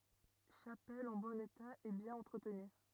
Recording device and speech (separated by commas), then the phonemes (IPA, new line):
rigid in-ear microphone, read sentence
ʃapɛl ɑ̃ bɔ̃n eta e bjɛ̃n ɑ̃tʁətny